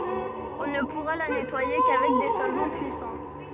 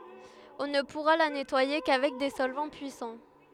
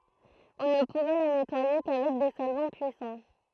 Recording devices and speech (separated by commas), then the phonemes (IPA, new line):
soft in-ear microphone, headset microphone, throat microphone, read sentence
ɔ̃ nə puʁa la nɛtwaje kavɛk de sɔlvɑ̃ pyisɑ̃